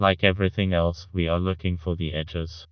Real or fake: fake